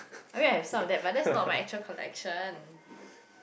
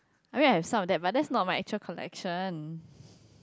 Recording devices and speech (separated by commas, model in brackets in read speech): boundary microphone, close-talking microphone, conversation in the same room